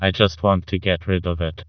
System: TTS, vocoder